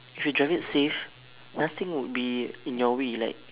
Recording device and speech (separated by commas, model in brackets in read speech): telephone, conversation in separate rooms